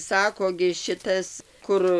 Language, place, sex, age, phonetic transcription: Lithuanian, Dzūkija, female, 60+, ˈsako gi šiˈtas ˈkur

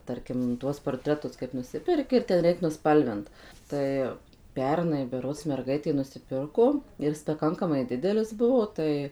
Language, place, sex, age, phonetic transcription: Lithuanian, Suvalkija, female, 18-60, ˈtarkim ˈtuos porˈtretus kaip ˈnusiperki ir ten ˈreik nuˈspalvint ˈtai ˈpernai beˈrods merˈgaitė nusiˈpirko ir ˈis paˈkankamai ˈdidelis ˈbuvo tai

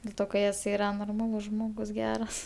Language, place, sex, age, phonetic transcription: Lithuanian, Aukštaitija, female, 18-60, del ˈto ka jes ˈyra norˈmalus ˈžmogus ˈgeras

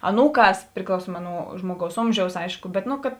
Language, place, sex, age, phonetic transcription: Lithuanian, Žemaitija, female, 18-60, aˈnūˌkās priklauˈsuoma nu ˈžmuoˌgaus ˈomžiaus ˈaišku ˈbet nu kad

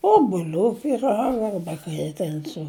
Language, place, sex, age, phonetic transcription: Lithuanian, Žemaitija, female, 60+, obuˈlių pyˈraga ˈarba kai i ˈten su

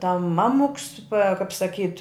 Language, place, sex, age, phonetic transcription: Lithuanian, Žemaitija, female, 60+, tam ˈmamuks pa kap saˈkyt

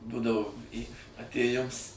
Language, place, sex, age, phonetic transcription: Lithuanian, Suvalkija, male, 60+, ˈdudavo ˈį atėˈjims

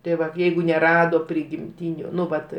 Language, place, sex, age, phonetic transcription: Lithuanian, Aukštaitija, male, 60+, tai ˈvat ˈjeigu neˈrado prigimˈtyniu ˈnu ˈvat

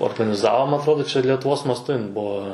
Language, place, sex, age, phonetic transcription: Lithuanian, Suvalkija, male, 18-60, organiˈzavo ma atˈrodo letuˈvos masˈtu ˈbuo

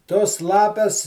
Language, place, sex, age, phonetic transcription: Lithuanian, Žemaitija, male, 60+, tos ˈlapes

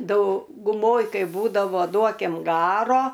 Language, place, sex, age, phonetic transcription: Lithuanian, Aukštaitija, female, 60+, dauguˈmoj ˈkai ˈbūdavo ˈduokim ˈgaro

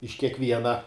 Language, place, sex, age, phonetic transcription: Lithuanian, Žemaitija, male, 18-60, iš kiekˈviena

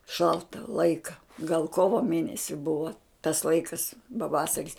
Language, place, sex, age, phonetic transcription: Lithuanian, Žemaitija, female, 60+, ˈšalta ˈlaika gal ˈkovo ˈmėnesi ˈbuvo tas ˈlaikas paˈvasaris

